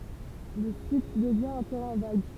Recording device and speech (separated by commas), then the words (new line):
temple vibration pickup, read sentence
Le site devient un terrain vague.